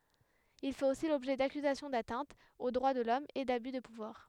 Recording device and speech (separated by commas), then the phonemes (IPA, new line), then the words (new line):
headset microphone, read sentence
il fɛt osi lɔbʒɛ dakyzasjɔ̃ datɛ̃tz o dʁwa də lɔm e daby də puvwaʁ
Il fait aussi l'objet d'accusations d'atteintes aux droits de l'Homme et d'abus de pouvoir.